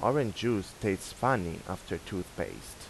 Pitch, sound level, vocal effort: 105 Hz, 85 dB SPL, normal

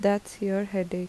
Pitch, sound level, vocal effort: 195 Hz, 79 dB SPL, soft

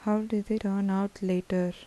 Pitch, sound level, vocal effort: 200 Hz, 78 dB SPL, soft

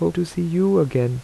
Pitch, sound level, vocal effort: 170 Hz, 81 dB SPL, soft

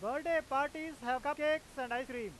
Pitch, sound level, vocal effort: 275 Hz, 101 dB SPL, loud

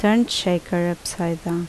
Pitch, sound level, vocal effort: 175 Hz, 75 dB SPL, normal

